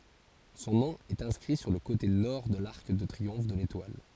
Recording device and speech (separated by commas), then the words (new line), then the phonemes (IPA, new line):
forehead accelerometer, read sentence
Son nom est inscrit sur le côté Nord de l'arc de triomphe de l'Étoile.
sɔ̃ nɔ̃ ɛt ɛ̃skʁi syʁ lə kote nɔʁ də laʁk də tʁiɔ̃f də letwal